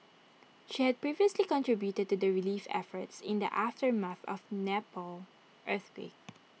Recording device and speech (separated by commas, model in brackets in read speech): mobile phone (iPhone 6), read sentence